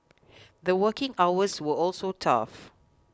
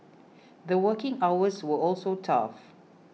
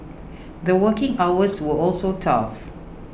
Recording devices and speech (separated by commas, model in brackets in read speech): close-talking microphone (WH20), mobile phone (iPhone 6), boundary microphone (BM630), read sentence